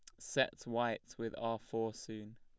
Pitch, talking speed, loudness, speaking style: 115 Hz, 165 wpm, -39 LUFS, plain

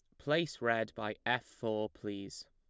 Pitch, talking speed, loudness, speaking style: 110 Hz, 155 wpm, -36 LUFS, plain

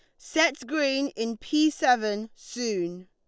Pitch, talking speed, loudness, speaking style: 245 Hz, 125 wpm, -26 LUFS, Lombard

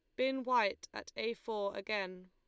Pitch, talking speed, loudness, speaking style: 210 Hz, 175 wpm, -37 LUFS, Lombard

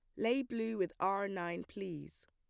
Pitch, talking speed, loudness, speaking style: 195 Hz, 175 wpm, -38 LUFS, plain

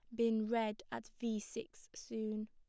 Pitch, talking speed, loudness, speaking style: 225 Hz, 155 wpm, -40 LUFS, plain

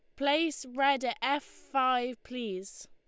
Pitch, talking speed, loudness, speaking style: 260 Hz, 135 wpm, -31 LUFS, Lombard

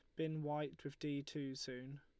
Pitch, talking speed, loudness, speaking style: 145 Hz, 200 wpm, -45 LUFS, Lombard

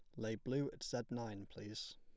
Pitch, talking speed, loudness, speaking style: 110 Hz, 205 wpm, -44 LUFS, plain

